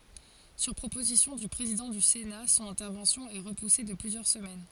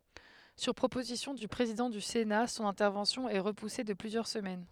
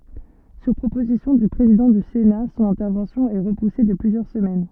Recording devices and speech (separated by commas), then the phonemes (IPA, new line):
forehead accelerometer, headset microphone, soft in-ear microphone, read sentence
syʁ pʁopozisjɔ̃ dy pʁezidɑ̃ dy sena sɔ̃n ɛ̃tɛʁvɑ̃sjɔ̃ ɛ ʁəpuse də plyzjœʁ səmɛn